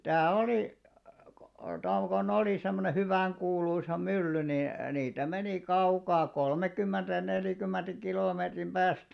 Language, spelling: Finnish, sitä oli kun - kun oli semmoinen hyvän kuuluisa mylly niin niitä meni kaukaa kolmekymmentä ja neljäkymmentä kilometrin päästä
- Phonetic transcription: sitä̀ 'olì , kᴏ , tom ko'n ‿olì semmone 'hyväŋ kuuluisa "mylly ni , niitä menì 'kaukaa "kolmekymmenᴅä ja 'neljᵃ̈kymmenᴅä 'kilòmeetrim "ʙääst .

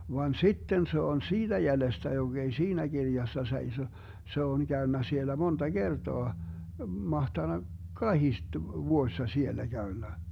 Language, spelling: Finnish, vaan sitten se on siitä jäljestä joka ei siinä kirjassa seiso se on käynyt siellä monta kertaa mahtanut kahdesti vuodessa siellä käynyt
- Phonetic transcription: van "sitten 'se on "siiDä 'jälestä 'joG ‿ei "siinä 'Girjassa 'seiso , 'se on 'käönnä siellä 'monta "Gertoa , 'mahtanak "kahiste 'vuoⁱssa 'siellä 'Gäönnä .

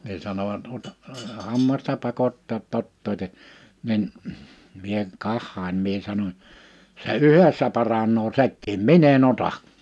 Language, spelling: Finnish, niin sanoivat - hammasta pakottaa että ottakaa niin minä katsoin minä sanoin se yhdessä paranee sekin minä en ota
- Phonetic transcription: ni 'sanovat » 'ot- , 'hammasta 'pakottaa ‿t't ‿ottòite « , nin , mie 'kahhain mie 'sanoń : » se yhessä paraǹoo 'sekkiim "min ‿en ‿'ota ! «

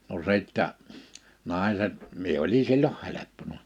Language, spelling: Finnish, no sitten naiset minä oli silloin helppona
- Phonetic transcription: no 'sìttä , 'nàḙset , 'mie oli silloh 'heleppona .

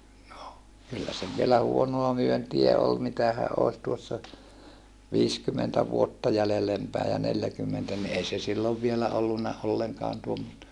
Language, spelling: Finnish, no kyllä se vielä huonoa myyntiä oli mitähän olisi tuossa viisikymmentä vuotta jäljelle päin ja neljäkymmentä niin ei se silloin vielä ollut ollenkaan tuommoista
- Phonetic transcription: no , kyllä se v̀ielä huonoa myöntiä ol mitähäʼ ʼòi̮s tuossa , viiskymentä vuotta jällelem päi ja neljäkymmentä ni ei se sillov vielä ollunna olleŋkaan tuommosta .

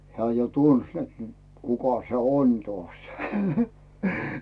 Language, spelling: Finnish, hän jo tunsi että nyt kuka se on taas
- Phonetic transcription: 'hᵉää jo "tuns net nʸᵗ , 'kuka se "on 'tᵒàś .

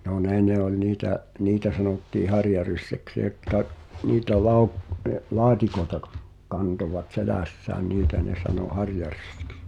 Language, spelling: Finnish, no ne ne oli niitä niitä sanottiin harjaryssäksi jotka niitä - - laatikoita - kantoivat selässään niitä ne sanoi harjaryssiksi
- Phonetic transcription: no "ne ne oĺ 'niitä’ , "niitä sanottii "harjaryssäks jotka , 'niitä lauk- , ə- , "la̳a̳tikoeta kᴀɴ- , 'kantovat "selä̀ssään 'niitä ne sanò "harjarʏssɪks .

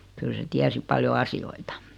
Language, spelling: Finnish, kyllä se tiesi paljon asioita
- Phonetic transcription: 'kyl se 'tiäsi paljo 'asi₍oita .

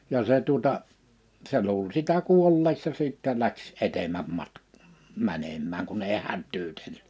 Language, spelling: Finnish, ja se tuota se luuli sitä kuolleeksi ja sitten lähti edemmäs - menemään kun ei hätyytellyt
- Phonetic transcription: 'ja se tuᵒta , 'se luul sitä 'kuolleeks ja 'sìttɛ läks 'etem̀äm 'matk- , 'mänemmääŋ kun ei 'hättyytelly .

